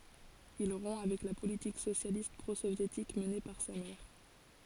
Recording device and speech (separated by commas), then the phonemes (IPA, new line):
forehead accelerometer, read sentence
il ʁɔ̃ avɛk la politik sosjalist pʁozovjetik məne paʁ sa mɛʁ